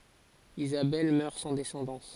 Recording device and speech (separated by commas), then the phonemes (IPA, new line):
forehead accelerometer, read sentence
izabɛl mœʁ sɑ̃ dɛsɑ̃dɑ̃s